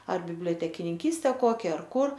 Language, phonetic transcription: Lithuanian, ar bibliotekininˈkyste ˈkokia ar ˈkur

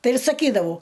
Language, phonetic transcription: Lithuanian, ˈtai ir saˈkydavau

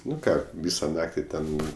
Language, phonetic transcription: Lithuanian, ˈnu ˈką ˈvysa ˈnakti ˈten

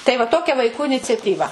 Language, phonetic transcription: Lithuanian, tai va ˈtokia vaiˈkų iniciatyˈva

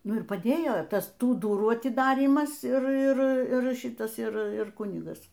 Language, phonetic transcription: Lithuanian, ˈnu ir paˈdėjo ˈtas ˈtų ˈdurų atiˈdarymas ˈir ˈir ˈir ˈšitas ˈir ˈir ˈkunigas

